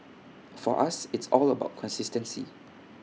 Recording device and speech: mobile phone (iPhone 6), read sentence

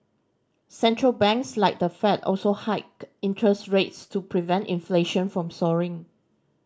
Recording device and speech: standing microphone (AKG C214), read sentence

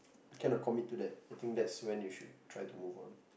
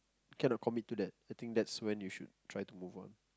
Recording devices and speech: boundary microphone, close-talking microphone, conversation in the same room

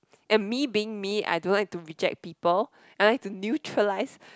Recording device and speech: close-talking microphone, conversation in the same room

